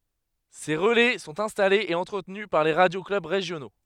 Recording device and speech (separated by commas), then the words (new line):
headset microphone, read sentence
Ces relais sont installés et entretenus par les radio-clubs régionaux.